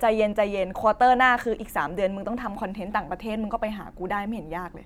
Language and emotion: Thai, neutral